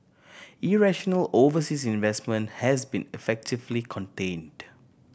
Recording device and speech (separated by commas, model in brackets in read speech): boundary microphone (BM630), read sentence